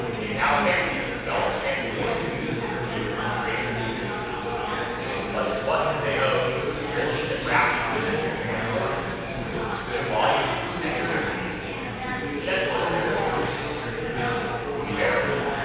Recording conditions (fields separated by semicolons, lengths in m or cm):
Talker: one person; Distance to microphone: 7.1 m; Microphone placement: far; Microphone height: 1.7 m; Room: very reverberant, large; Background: babble